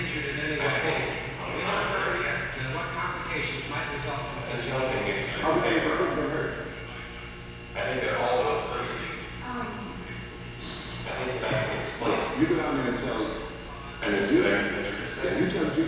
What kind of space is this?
A large and very echoey room.